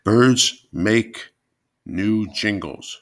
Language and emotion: English, disgusted